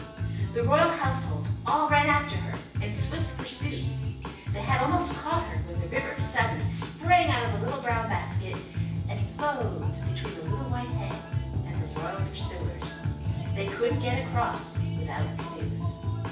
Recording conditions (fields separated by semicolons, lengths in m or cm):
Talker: one person; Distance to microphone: 9.8 m; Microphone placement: far; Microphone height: 1.8 m; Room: large; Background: music